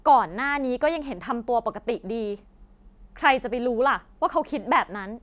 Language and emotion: Thai, angry